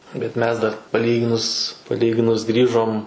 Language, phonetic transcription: Lithuanian, bet ˈmes dar paˈlyginus paˈlyginus ˈgrįžom

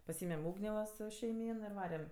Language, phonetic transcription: Lithuanian, paˈsymem ˈūgnė va ˈsu šeiˈmyn ir ˈvarem

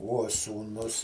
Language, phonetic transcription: Lithuanian, uo sūˈnus

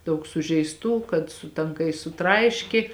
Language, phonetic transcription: Lithuanian, ˈdaug sužeisˈtų kad su tanˈkais suˈtraiški

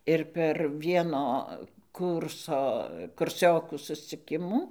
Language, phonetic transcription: Lithuanian, ir per ˈvieno ˈkūrso kurˈsiokų susciˈkimų

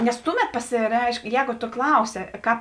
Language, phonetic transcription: Lithuanian, nes ˈtuˌmet pasiˈreišk ˈjēgu to ˈklausi ˈkāp

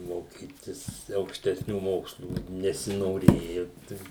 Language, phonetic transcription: Lithuanian, moˈkytis aukštesˈnių ˈmokslų nesinoˈrėju tai

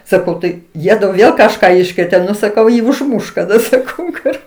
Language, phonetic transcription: Lithuanian, saˈkau ˈtai ˈjiedu ˈvėl kažˈką ˈiškrėtė ˈnu saˈkau ˈjį užˈmuš kaˈda saˈkau kur

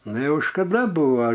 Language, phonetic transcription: Lithuanian, ˈnu ˈjau škaˈda ˈbuva

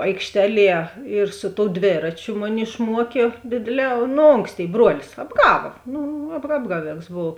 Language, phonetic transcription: Lithuanian, aikšˈteˌlie ir su tou ˈdvėračiu ˈmuˌni išˈmuokė ˈdėdėˌlē nu ˈonksˌtėi ˈbruolis apˈgava ˈnu ap ˈapgaˌvėks ˈbov

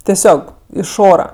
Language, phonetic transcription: Lithuanian, teˈsiog iš ˈora

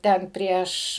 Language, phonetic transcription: Lithuanian, ˈten ˈprieš

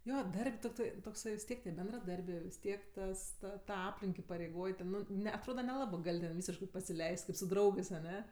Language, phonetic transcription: Lithuanian, ˈjo ˈdar'b' tokˈtai tokˈsai vis ˈtiek tie bendraˈdarbė vis ˈtiek ˈtas ˈta ta ˈaplink ipareiˈgoj ˈten ˈnu ˈne atˈroda neˈlabɜ ˈgal' ten ˈvysiškɜ pasiˈleis't' ˈkaip su ˈdraugɜs aˈne

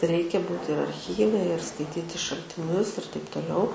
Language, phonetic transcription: Lithuanian, ˈreikia ˈbūt ir arcˈhyve ir skaiˈtyti šaltiˈnius ir taip toˈliau

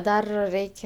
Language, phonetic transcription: Lithuanian, ˈdar ˈreik'

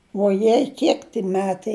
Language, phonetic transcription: Lithuanian, vuoˈjei ˈkiek ti ˈmetai

